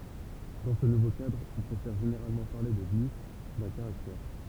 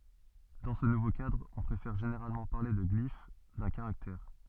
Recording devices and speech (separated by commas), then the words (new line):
temple vibration pickup, soft in-ear microphone, read sentence
Dans ce nouveau cadre, on préfère généralement parler de glyphe d’un caractère.